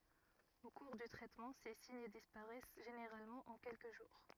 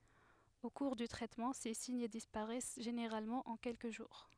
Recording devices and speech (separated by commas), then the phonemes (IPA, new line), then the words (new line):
rigid in-ear microphone, headset microphone, read sentence
o kuʁ dy tʁɛtmɑ̃ se siɲ dispaʁɛs ʒeneʁalmɑ̃ ɑ̃ kɛlkə ʒuʁ
Au cours du traitement, ces signes disparaissent généralement en quelques jours.